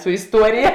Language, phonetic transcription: Lithuanian, su isˈtuorija

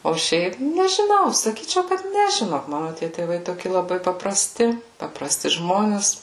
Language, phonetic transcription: Lithuanian, o ˈšiaip nežiˈnau saˈkyčiau kad ˈne žiˈnok ˈmanu tie tėˈvai ˈtoki laˈbai papraˈsti papraˈsti ˈžmones

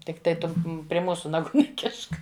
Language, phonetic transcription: Lithuanian, tikˈtai ˈtu pri ˈmūsu naˈgų neˈkišk

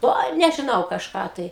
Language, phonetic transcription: Lithuanian, ˈoi nežiˈnau kažˈką tai

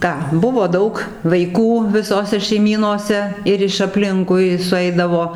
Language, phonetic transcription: Lithuanian, ˈką ˈbuvo ˈdaug vaiˈkų viˈsose šeiˈmynose ˈir iš apˈlinkui suˈeidavo

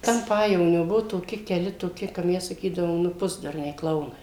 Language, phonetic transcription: Lithuanian, ten ˈpajevonio ˈbuvo toˈki keˈli toˈki ka ˈmes saˈkydavom ˈnu ˈpusdurniai ˈklaunai

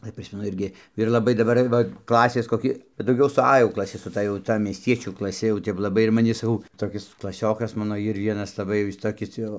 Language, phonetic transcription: Lithuanian, ˈai ˈprismenu ˈirgi ir laˈbai daˈbar ˈva ˈklasės koˈki bet dauˈgiau su a jau klaˈsi su ˈta jau ˈta miesˈtiečių klaˈsi jau ˈtep laˈbai ir maˈni saˈkau toˈkis klaˈsiokas ˈmano ˈir ˈvienas laˈbai ˈjis ˈtokis ˈjau

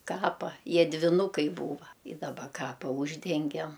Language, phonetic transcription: Lithuanian, ˈkapa ˈjie dviˈnukai ˈbūva ˈi daˈba ˈkapa ˈūždengem

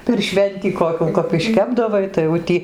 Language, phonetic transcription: Lithuanian, per ˈšventį koˈkių kap išˈkepdavai tai jau ˈtį

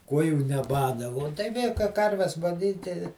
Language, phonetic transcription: Lithuanian, ˈkuojų neˈbada vo tai ˈvė kai ˈkarves gaˈnyti

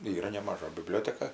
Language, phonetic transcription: Lithuanian, ˈyra nemaˈža biˈblioteka

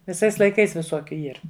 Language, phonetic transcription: Lithuanian, viˈsais laiˈkais viˈsokiu ˈyr

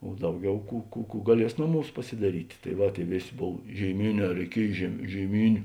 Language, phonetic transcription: Lithuanian, o ˈdauˌgiau ˈkų kų kų gaˈlies ˈnoˌmūs pasidaˈryti tai ˈva ˈtėi ˈvėˌsė ˈbov žėiˈmėˌnē reiˈkiej žėi žėiˈmyniu

